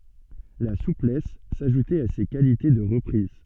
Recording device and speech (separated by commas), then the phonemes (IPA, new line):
soft in-ear microphone, read sentence
la suplɛs saʒutɛt a se kalite də ʁəpʁiz